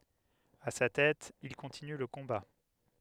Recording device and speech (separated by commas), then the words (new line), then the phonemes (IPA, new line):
headset microphone, read sentence
À sa tête, il continue le combat.
a sa tɛt il kɔ̃tiny lə kɔ̃ba